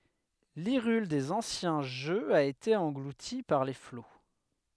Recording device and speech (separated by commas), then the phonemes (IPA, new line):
headset microphone, read sentence
liʁyl dez ɑ̃sjɛ̃ ʒøz a ete ɑ̃ɡluti paʁ le flo